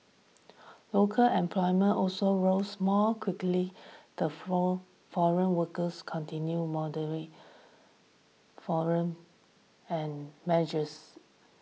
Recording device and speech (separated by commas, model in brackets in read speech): mobile phone (iPhone 6), read sentence